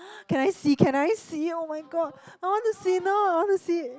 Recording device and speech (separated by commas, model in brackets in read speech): close-talking microphone, conversation in the same room